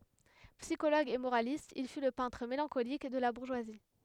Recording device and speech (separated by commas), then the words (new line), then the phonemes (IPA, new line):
headset microphone, read sentence
Psychologue et moraliste, il fut le peintre mélancolique de la bourgeoisie.
psikoloɡ e moʁalist il fy lə pɛ̃tʁ melɑ̃kolik də la buʁʒwazi